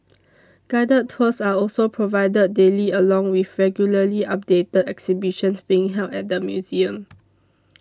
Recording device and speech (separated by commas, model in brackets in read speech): standing microphone (AKG C214), read sentence